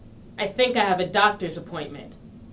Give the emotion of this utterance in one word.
neutral